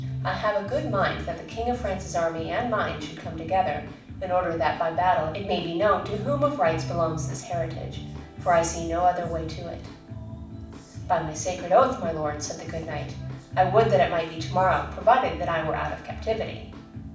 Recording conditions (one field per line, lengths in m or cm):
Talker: one person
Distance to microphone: 5.8 m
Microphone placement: far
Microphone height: 1.8 m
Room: medium-sized (5.7 m by 4.0 m)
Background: music